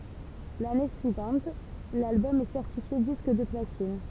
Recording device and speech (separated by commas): temple vibration pickup, read sentence